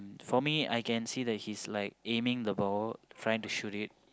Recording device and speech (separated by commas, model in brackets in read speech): close-talking microphone, conversation in the same room